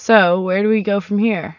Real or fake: real